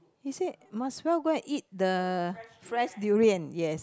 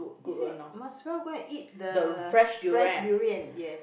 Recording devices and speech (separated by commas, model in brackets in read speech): close-talking microphone, boundary microphone, conversation in the same room